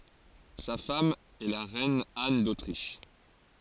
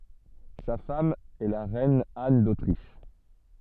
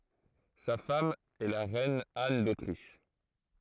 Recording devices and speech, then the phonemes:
forehead accelerometer, soft in-ear microphone, throat microphone, read sentence
sa fam ɛ la ʁɛn an dotʁiʃ

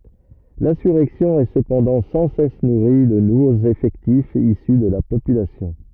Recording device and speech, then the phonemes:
rigid in-ear microphone, read sentence
lɛ̃syʁɛksjɔ̃ ɛ səpɑ̃dɑ̃ sɑ̃ sɛs nuʁi də nuvoz efɛktifz isy də la popylasjɔ̃

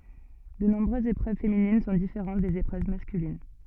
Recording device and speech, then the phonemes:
soft in-ear microphone, read sentence
də nɔ̃bʁøzz epʁøv feminin sɔ̃ difeʁɑ̃t dez epʁøv maskylin

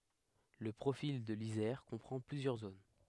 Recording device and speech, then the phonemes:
headset microphone, read sentence
lə pʁofil də lizɛʁ kɔ̃pʁɑ̃ plyzjœʁ zon

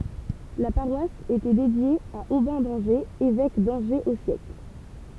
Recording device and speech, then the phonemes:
temple vibration pickup, read sentence
la paʁwas etɛ dedje a obɛ̃ dɑ̃ʒez evɛk dɑ̃ʒez o sjɛkl

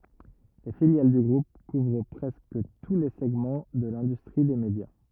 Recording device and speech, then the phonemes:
rigid in-ear microphone, read sentence
le filjal dy ɡʁup kuvʁ pʁɛskə tu le sɛɡmɑ̃ də lɛ̃dystʁi de medja

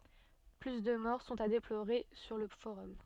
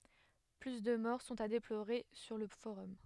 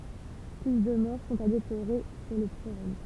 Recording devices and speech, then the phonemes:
soft in-ear microphone, headset microphone, temple vibration pickup, read sentence
ply də mɔʁ sɔ̃t a deploʁe syʁ lə foʁɔm

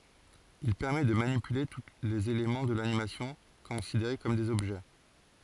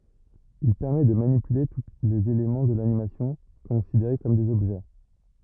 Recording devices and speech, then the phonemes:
forehead accelerometer, rigid in-ear microphone, read sentence
il pɛʁmɛ də manipyle tu lez elemɑ̃ də lanimasjɔ̃ kɔ̃sideʁe kɔm dez ɔbʒɛ

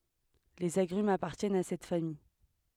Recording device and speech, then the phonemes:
headset microphone, read sentence
lez aɡʁymz apaʁtjɛnt a sɛt famij

